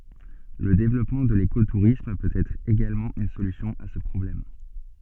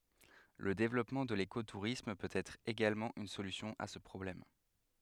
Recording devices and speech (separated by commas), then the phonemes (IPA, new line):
soft in-ear microphone, headset microphone, read sentence
lə devlɔpmɑ̃ də leko tuʁism pøt ɛtʁ eɡalmɑ̃ yn solysjɔ̃ a sə pʁɔblɛm